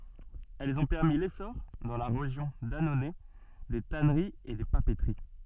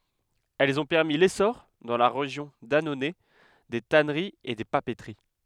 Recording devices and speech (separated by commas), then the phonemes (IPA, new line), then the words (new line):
soft in-ear microphone, headset microphone, read sentence
ɛlz ɔ̃ pɛʁmi lesɔʁ dɑ̃ la ʁeʒjɔ̃ danonɛ de tanəʁiz e de papətəʁi
Elles ont permis l'essor, dans la région d'Annonay, des tanneries et des papeteries.